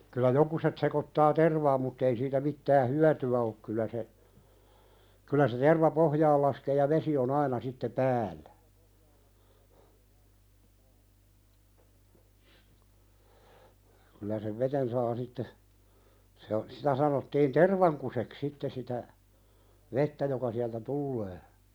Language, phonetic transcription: Finnish, kyl̆lä 'jokuset sekottaa "tervaam mutt ‿ei siitä 'mittää "hyäty₍ä ok kylä se , kylä se 'terva "pohjaal laskee ja "vesi o'n ‿aina sitte "pääl̆lä , kylä sev "veten saa sitte , se o- 'sitä sanottiin "tervaŋkusek 'sitte sitä , 'vettä joka siältä "tullee .
- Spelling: kyllä jotkut sekoittaa tervaan mutta ei siitä mitään hyötyä ole kyllä se kyllä se terva pohjaan laskee ja vesi on aina sitten päällä kyllä sen veteen saa sitten se - sitä sanottiin tervankuseksi sitten sitä vettä joka sieltä tulee

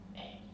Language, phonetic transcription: Finnish, 'ei .
- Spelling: ei

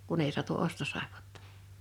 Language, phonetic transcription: Finnish, 'kun ‿ei sᵁatu 'ostosàepᴏttᴀ .
- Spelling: kun ei saatu ostosaippuaa

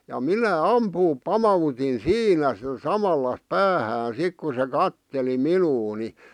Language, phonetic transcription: Finnish, ja "minä "ampuup "pama₍utin "siinä sⁱtä "samalla "päähään 'sik ku se "katteli "minuu ni ,.
- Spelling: ja minä ampua pamautin siinä sitä samalla päähän sitten kun se katseli minua niin

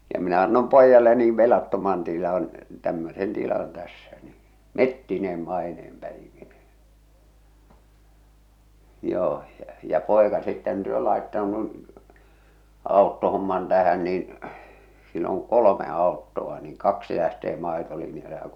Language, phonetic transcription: Finnish, ja minä annom 'poijale nii 'velattoman tilan , tämmösen 'tilan 'tässä nii , "mettineem "maineem 'päivinee , 'joo , ʲᵃ ja , "pòeka sitten (työ) laettaunu , 'àottohomman tähän niin , sill ‿oŋ "kolome 'àottoa niiŋ "kaksi lähtee 'màetolinjale ja .
- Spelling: ja minä annoin pojalle niin velattoman tilan tämmöisen tilan tässä niin metsineen maineen päivineen joo ja ja poika sitten työ laittautunut autohomman tähän niin sillä on kolme autoa niin kaksi lähtee maitolinjalle ja

